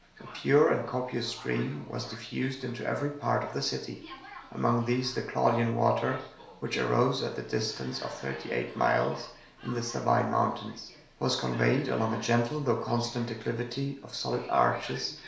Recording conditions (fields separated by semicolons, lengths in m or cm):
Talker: one person; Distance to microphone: 1.0 m; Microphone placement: close; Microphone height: 1.1 m; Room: small (3.7 m by 2.7 m); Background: television